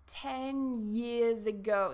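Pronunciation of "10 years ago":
In '10 years ago', the n sound is heard at the end of 'ten', and the final consonant sound of 'years' moves over to the start of 'ago'.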